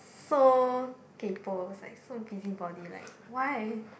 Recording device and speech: boundary microphone, conversation in the same room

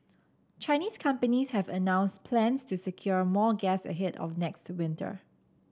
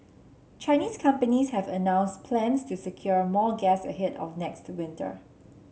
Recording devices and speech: standing microphone (AKG C214), mobile phone (Samsung C7), read sentence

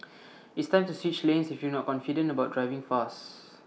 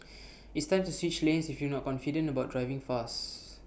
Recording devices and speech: mobile phone (iPhone 6), boundary microphone (BM630), read sentence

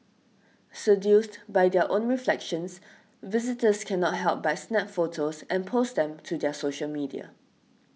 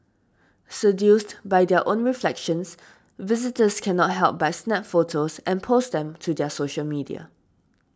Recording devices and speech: mobile phone (iPhone 6), standing microphone (AKG C214), read sentence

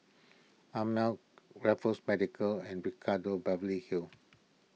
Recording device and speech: mobile phone (iPhone 6), read sentence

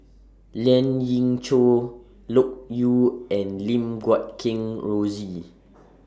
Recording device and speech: standing microphone (AKG C214), read sentence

